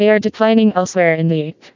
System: TTS, vocoder